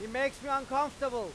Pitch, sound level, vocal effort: 270 Hz, 103 dB SPL, very loud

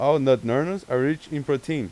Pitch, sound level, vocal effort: 145 Hz, 93 dB SPL, loud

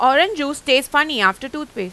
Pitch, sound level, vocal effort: 270 Hz, 96 dB SPL, loud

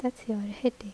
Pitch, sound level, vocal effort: 220 Hz, 72 dB SPL, soft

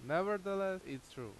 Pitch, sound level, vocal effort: 185 Hz, 90 dB SPL, very loud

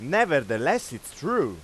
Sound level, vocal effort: 98 dB SPL, very loud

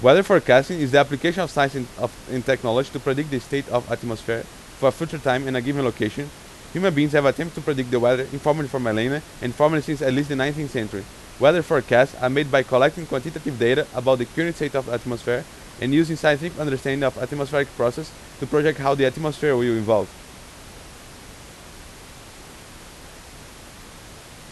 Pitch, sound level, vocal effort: 135 Hz, 92 dB SPL, very loud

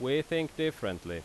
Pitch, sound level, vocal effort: 145 Hz, 89 dB SPL, very loud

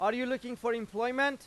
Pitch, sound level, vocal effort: 245 Hz, 99 dB SPL, very loud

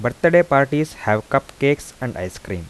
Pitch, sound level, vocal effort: 135 Hz, 85 dB SPL, soft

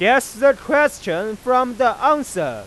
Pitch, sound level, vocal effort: 255 Hz, 102 dB SPL, very loud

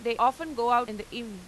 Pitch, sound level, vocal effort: 235 Hz, 97 dB SPL, loud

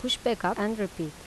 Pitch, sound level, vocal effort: 205 Hz, 83 dB SPL, normal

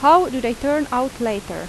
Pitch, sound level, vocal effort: 255 Hz, 89 dB SPL, loud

